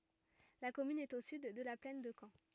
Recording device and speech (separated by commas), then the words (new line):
rigid in-ear microphone, read sentence
La commune est au sud de la plaine de Caen.